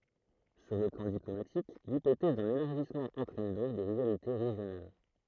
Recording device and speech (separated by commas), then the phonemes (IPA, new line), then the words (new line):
throat microphone, read sentence
syʁ lə plɑ̃ diplomatik lipotɛz dœ̃n elaʁʒismɑ̃ ɑ̃tʁɛn dɔ̃k de ʁivalite ʁeʒjonal
Sur le plan diplomatique, l'hypothèse d'un élargissement entraîne donc des rivalités régionales.